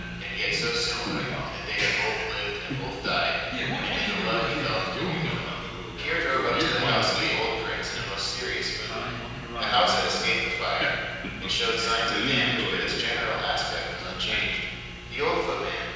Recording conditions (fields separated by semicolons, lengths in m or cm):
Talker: one person; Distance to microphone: 7.1 m; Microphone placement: far; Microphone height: 1.7 m; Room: very reverberant, large; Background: television